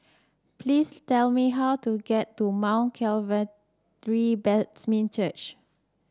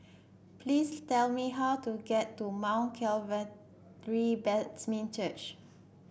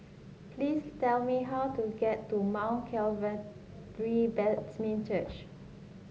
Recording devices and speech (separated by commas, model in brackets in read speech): standing microphone (AKG C214), boundary microphone (BM630), mobile phone (Samsung S8), read sentence